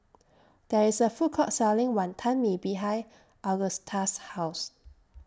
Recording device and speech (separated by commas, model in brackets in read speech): standing microphone (AKG C214), read sentence